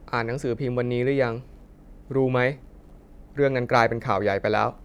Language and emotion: Thai, neutral